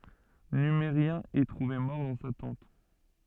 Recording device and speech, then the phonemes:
soft in-ear microphone, read sentence
nymeʁjɛ̃ ɛ tʁuve mɔʁ dɑ̃ sa tɑ̃t

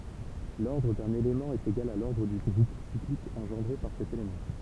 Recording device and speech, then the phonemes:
temple vibration pickup, read sentence
lɔʁdʁ dœ̃n elemɑ̃ ɛt eɡal a lɔʁdʁ dy ɡʁup siklik ɑ̃ʒɑ̃dʁe paʁ sɛt elemɑ̃

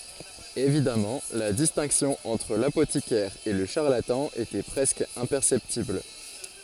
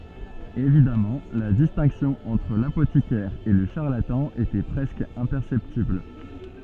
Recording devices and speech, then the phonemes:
forehead accelerometer, soft in-ear microphone, read sentence
evidamɑ̃ la distɛ̃ksjɔ̃ ɑ̃tʁ lapotikɛʁ e lə ʃaʁlatɑ̃ etɛ pʁɛskə ɛ̃pɛʁsɛptibl

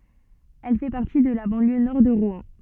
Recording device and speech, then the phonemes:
soft in-ear microphone, read sentence
ɛl fɛ paʁti də la bɑ̃ljø nɔʁ də ʁwɛ̃

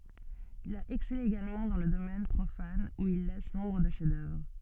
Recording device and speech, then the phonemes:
soft in-ear microphone, read sentence
il a ɛksɛle eɡalmɑ̃ dɑ̃ lə domɛn pʁofan u il lɛs nɔ̃bʁ də ʃɛfzdœvʁ

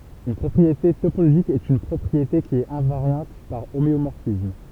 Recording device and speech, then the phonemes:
temple vibration pickup, read sentence
yn pʁɔpʁiete topoloʒik ɛt yn pʁɔpʁiete ki ɛt ɛ̃vaʁjɑ̃t paʁ omeomɔʁfism

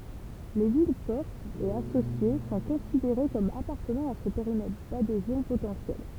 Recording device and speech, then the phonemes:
temple vibration pickup, read sentence
le vilɛspɔʁtz e asosje sɔ̃ kɔ̃sideʁe kɔm apaʁtənɑ̃ a sə peʁimɛtʁ dadezjɔ̃ potɑ̃sjɛl

